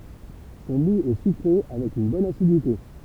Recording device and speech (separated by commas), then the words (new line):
temple vibration pickup, read sentence
Son moût est sucré avec une bonne acidité.